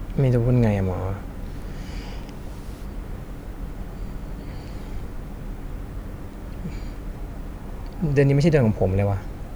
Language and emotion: Thai, neutral